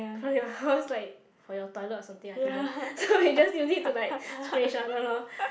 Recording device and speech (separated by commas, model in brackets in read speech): boundary microphone, conversation in the same room